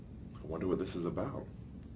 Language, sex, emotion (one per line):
English
male
fearful